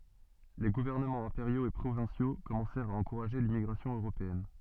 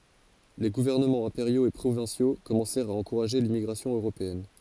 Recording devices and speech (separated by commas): soft in-ear microphone, forehead accelerometer, read sentence